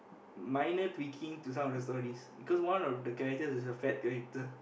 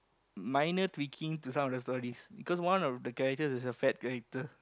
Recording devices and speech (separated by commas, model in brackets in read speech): boundary microphone, close-talking microphone, conversation in the same room